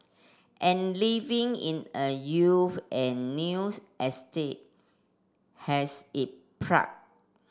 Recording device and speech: standing microphone (AKG C214), read sentence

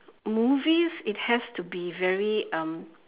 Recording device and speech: telephone, conversation in separate rooms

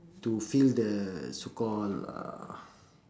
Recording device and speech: standing microphone, conversation in separate rooms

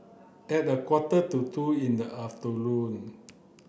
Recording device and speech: boundary microphone (BM630), read sentence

